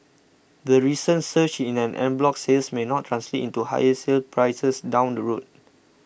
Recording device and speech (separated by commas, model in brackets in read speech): boundary microphone (BM630), read sentence